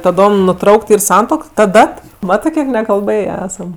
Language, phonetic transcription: Lithuanian, taˈdom nuˈtraukt ˈyr ˈsantuok ˈta ˈdat ˈmatɜ ˈkiek nekalˈbɘjė ˈesam

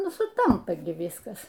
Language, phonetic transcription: Lithuanian, ˈnu suˈtampa gi ˈvyskas

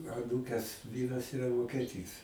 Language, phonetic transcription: Lithuanian, aˈnūkes ˈvyras iˈra vokeˈtys

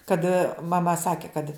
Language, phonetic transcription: Lithuanian, kad maˈma ˈsaki kad

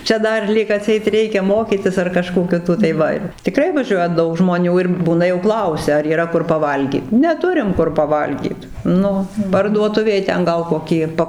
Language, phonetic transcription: Lithuanian, ˈčia ˈdar ˈlyg aˈtseit ˈreikia ˈmokytis ar kaˈžko ˈkito tai ˈva ir tiˈkrai vaˈžiuoja ˈdaug žmoˈnių ir ˈbūna jau ˈklausia ar yˈra ˈkur paˈvalgyt neˈturim ˈkur paˈvalgyt ˈnu parduoˈtuvėj ˈten ˈgal koˈkį ˈpa

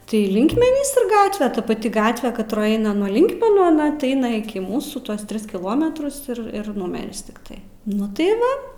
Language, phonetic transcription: Lithuanian, tai ˈlinkmenys ir ˈgatve ˈta paˈti ˈgatve katˈroj ˈeina nuo ˈlinkmenų aˈna ti ˈaina iˈki ˈmūsų ˈtuos ˈtris kiˈlometrus ir ˈir ˈnumeris tikˈtai ˈnu tai ˈva

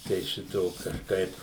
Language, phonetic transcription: Lithuanian, tai ˈšito kažˈkaip

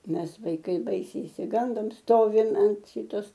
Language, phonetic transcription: Lithuanian, ˈmes vaiˈkai ˈbaisiai išsiˈgandom ˈstovim ant ˈšitos

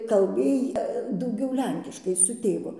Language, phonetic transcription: Lithuanian, kalˈbėj dauˈgiau ˈlenkiškai su ˈtėvu

